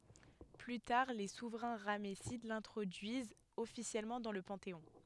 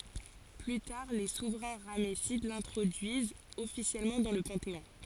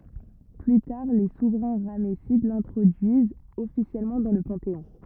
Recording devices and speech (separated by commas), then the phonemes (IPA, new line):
headset microphone, forehead accelerometer, rigid in-ear microphone, read sentence
ply taʁ le suvʁɛ̃ ʁamɛsid lɛ̃tʁodyizt ɔfisjɛlmɑ̃ dɑ̃ lə pɑ̃teɔ̃